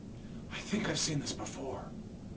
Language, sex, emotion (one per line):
English
male
fearful